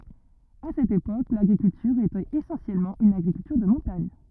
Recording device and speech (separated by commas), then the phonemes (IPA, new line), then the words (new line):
rigid in-ear microphone, read sentence
a sɛt epok laɡʁikyltyʁ etɛt esɑ̃sjɛlmɑ̃ yn aɡʁikyltyʁ də mɔ̃taɲ
À cette époque, l'agriculture était essentiellement une agriculture de montagne.